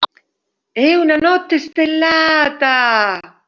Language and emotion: Italian, surprised